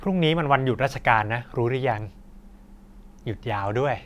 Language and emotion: Thai, happy